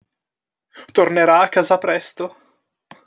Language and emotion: Italian, fearful